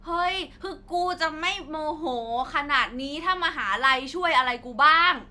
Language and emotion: Thai, frustrated